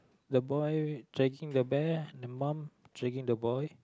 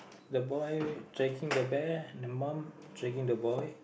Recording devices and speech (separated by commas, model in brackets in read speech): close-talking microphone, boundary microphone, conversation in the same room